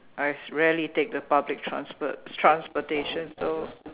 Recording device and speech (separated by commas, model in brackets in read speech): telephone, conversation in separate rooms